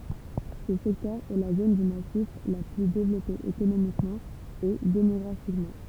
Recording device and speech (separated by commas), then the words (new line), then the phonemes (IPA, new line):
temple vibration pickup, read sentence
Ce secteur est la zone du massif la plus développée économiquement et démographiquement.
sə sɛktœʁ ɛ la zon dy masif la ply devlɔpe ekonomikmɑ̃ e demɔɡʁafikmɑ̃